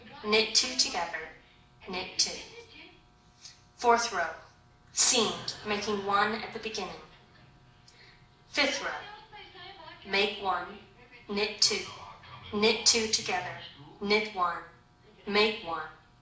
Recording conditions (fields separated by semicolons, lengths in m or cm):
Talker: one person; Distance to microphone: 2.0 m; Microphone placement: close; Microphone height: 99 cm; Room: medium-sized (5.7 m by 4.0 m); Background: television